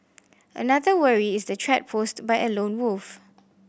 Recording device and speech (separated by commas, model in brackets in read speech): boundary microphone (BM630), read sentence